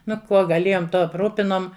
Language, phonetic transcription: Lithuanian, ˈnu ˈkuo gaˈlėjom ˈtuo apˈrūpinom

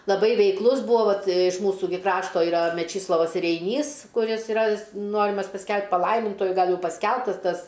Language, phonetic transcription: Lithuanian, laˈbai veikˈlus ˈbūo ˈvat iš ˈmūsų gi ˈkrašto iˈra meˈčyslovas reiˈnys kuˈris iˈra ˈnorimas pasˈkelbt paˈlaimintuoju ˈgal ˈjau pasˈkelbtas ˈtas

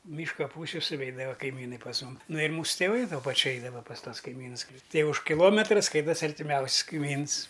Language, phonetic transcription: Lithuanian, ˈmyška ˈpūsiu suˈveidava kaiˈmynai pas ˈmum ˈnu ir ˈmūsu teˈvai tuo paˈčiu ˈeidava pas ˈtuos kaiˈmynus kli ˈtai už kiˈlometra ˈskaitasi artiˈmiaus's' kaiˈmyns

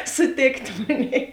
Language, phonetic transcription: Lithuanian, suˈtėkt ˈmonei

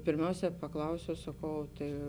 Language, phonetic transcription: Lithuanian, pėrˈmiausē paˈklausiau saˈkau o tai

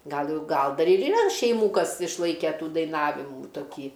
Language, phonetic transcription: Lithuanian, ˈgal ˈjau ˈgal ˈdar ir yˈra šeiˈmų ˈkas išˈlaike ˈtų daiˈnavimų toˈkį

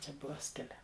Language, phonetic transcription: Lithuanian, ˈčia ˈbuva ˈskilę

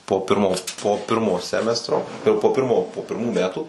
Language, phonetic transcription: Lithuanian, po ˈpirmo po ˈpirmo ˈsemestro ir po ˈpirmo po pirˈmų ˈmetų

